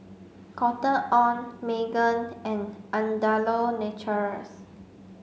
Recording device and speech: mobile phone (Samsung C5), read sentence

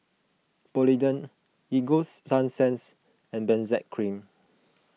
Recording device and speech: mobile phone (iPhone 6), read sentence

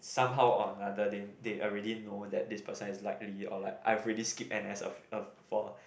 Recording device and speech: boundary microphone, conversation in the same room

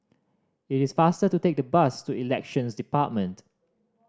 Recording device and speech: standing microphone (AKG C214), read sentence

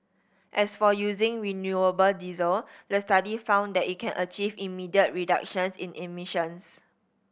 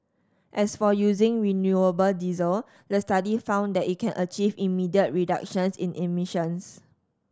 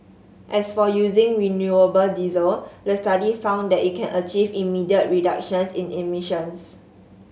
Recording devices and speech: boundary microphone (BM630), standing microphone (AKG C214), mobile phone (Samsung S8), read sentence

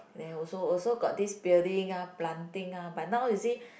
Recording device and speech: boundary microphone, conversation in the same room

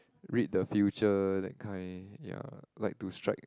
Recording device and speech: close-talking microphone, conversation in the same room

